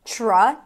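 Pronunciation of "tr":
In 'tr', the t and r together make a ch sound.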